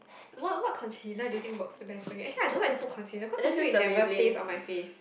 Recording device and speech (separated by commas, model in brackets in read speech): boundary microphone, conversation in the same room